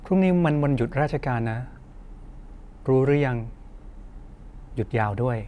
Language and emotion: Thai, neutral